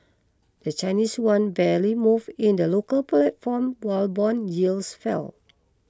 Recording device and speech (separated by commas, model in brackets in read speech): close-talking microphone (WH20), read sentence